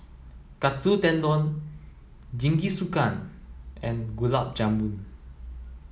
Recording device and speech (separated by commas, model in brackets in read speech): mobile phone (iPhone 7), read sentence